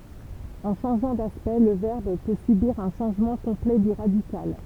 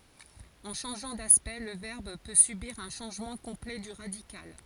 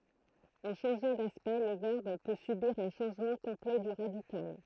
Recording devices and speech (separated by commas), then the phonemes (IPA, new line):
temple vibration pickup, forehead accelerometer, throat microphone, read sentence
ɑ̃ ʃɑ̃ʒɑ̃ daspɛkt lə vɛʁb pø sybiʁ œ̃ ʃɑ̃ʒmɑ̃ kɔ̃plɛ dy ʁadikal